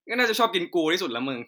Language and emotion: Thai, neutral